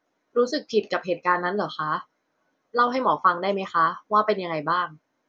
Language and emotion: Thai, neutral